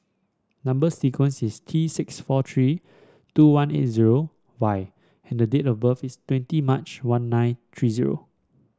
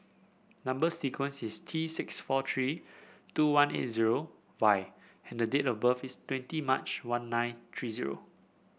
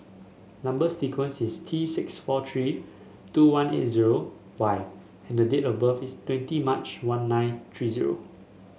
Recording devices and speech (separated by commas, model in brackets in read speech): standing microphone (AKG C214), boundary microphone (BM630), mobile phone (Samsung S8), read sentence